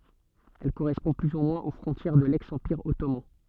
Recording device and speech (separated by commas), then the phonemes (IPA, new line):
soft in-ear microphone, read sentence
ɛl koʁɛspɔ̃ ply u mwɛ̃z o fʁɔ̃tjɛʁ də lɛks ɑ̃piʁ ɔtoman